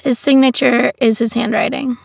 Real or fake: real